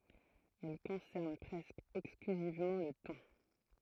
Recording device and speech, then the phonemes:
throat microphone, read sentence
ɛl kɔ̃sɛʁn pʁɛskə ɛksklyzivmɑ̃ lə tɔ̃

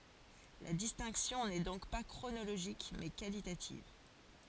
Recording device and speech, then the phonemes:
forehead accelerometer, read sentence
la distɛ̃ksjɔ̃ nɛ dɔ̃k pa kʁonoloʒik mɛ kalitativ

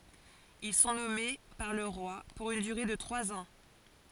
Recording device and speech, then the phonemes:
forehead accelerometer, read sentence
il sɔ̃ nɔme paʁ lə ʁwa puʁ yn dyʁe də tʁwaz ɑ̃

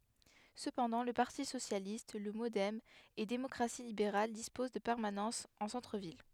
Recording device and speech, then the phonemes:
headset microphone, read sentence
səpɑ̃dɑ̃ lə paʁti sosjalist lə modɛm e demɔkʁasi libeʁal dispoz də pɛʁmanɑ̃sz ɑ̃ sɑ̃tʁəvil

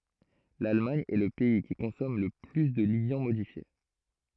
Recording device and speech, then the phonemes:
throat microphone, read sentence
lalmaɲ ɛ lə pɛi ki kɔ̃sɔm lə ply də ljɑ̃ modifje

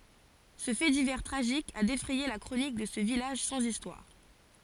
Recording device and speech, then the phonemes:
forehead accelerometer, read sentence
sə fɛ divɛʁ tʁaʒik a defʁɛje la kʁonik də sə vilaʒ sɑ̃z istwaʁ

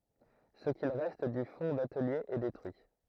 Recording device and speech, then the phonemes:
throat microphone, read sentence
sə kil ʁɛst dy fɔ̃ datəlje ɛ detʁyi

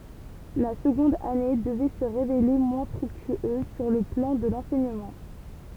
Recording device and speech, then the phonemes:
temple vibration pickup, read sentence
la səɡɔ̃d ane dəvɛ sə ʁevele mwɛ̃ fʁyktyøz syʁ lə plɑ̃ də lɑ̃sɛɲəmɑ̃

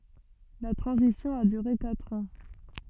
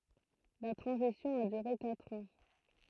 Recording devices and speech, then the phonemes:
soft in-ear microphone, throat microphone, read sentence
la tʁɑ̃zisjɔ̃ a dyʁe katʁ ɑ̃

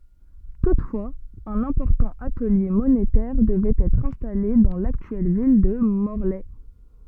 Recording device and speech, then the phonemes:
soft in-ear microphone, read sentence
tutfwaz œ̃n ɛ̃pɔʁtɑ̃ atəlje monetɛʁ dəvɛt ɛtʁ ɛ̃stale dɑ̃ laktyɛl vil də mɔʁlɛ

